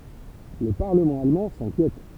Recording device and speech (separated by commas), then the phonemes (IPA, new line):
temple vibration pickup, read sentence
lə paʁləmɑ̃ almɑ̃ sɛ̃kjɛt